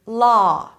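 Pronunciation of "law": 'Law' is said with an ah vowel, as in 'father', instead of an aw sound.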